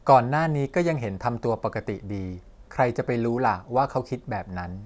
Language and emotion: Thai, neutral